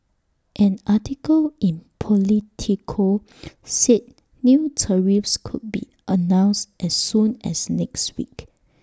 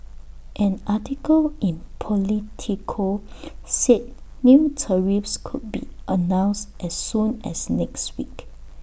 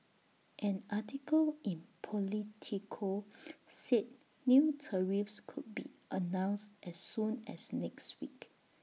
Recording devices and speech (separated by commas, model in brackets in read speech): standing microphone (AKG C214), boundary microphone (BM630), mobile phone (iPhone 6), read sentence